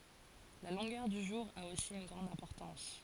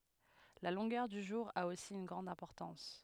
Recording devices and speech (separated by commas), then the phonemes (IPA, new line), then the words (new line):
forehead accelerometer, headset microphone, read sentence
la lɔ̃ɡœʁ dy ʒuʁ a osi yn ɡʁɑ̃d ɛ̃pɔʁtɑ̃s
La longueur du jour a aussi une grande importance.